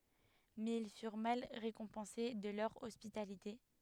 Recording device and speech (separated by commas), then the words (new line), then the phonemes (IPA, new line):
headset microphone, read sentence
Mais ils furent mal récompensés de leur hospitalité.
mɛz il fyʁ mal ʁekɔ̃pɑ̃se də lœʁ ɔspitalite